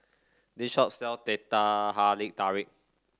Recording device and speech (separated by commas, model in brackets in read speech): standing microphone (AKG C214), read sentence